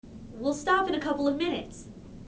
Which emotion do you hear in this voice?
neutral